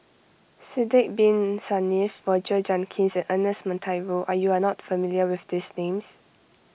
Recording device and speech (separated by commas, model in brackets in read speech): boundary microphone (BM630), read sentence